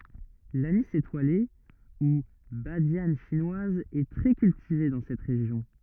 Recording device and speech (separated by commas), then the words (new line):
rigid in-ear microphone, read sentence
L'anis étoilé, ou badiane chinoise est très cultivée dans cette région.